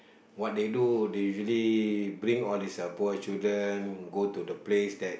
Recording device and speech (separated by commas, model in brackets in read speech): boundary microphone, conversation in the same room